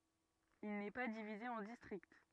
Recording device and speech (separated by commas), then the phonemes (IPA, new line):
rigid in-ear microphone, read sentence
il nɛ pa divize ɑ̃ distʁikt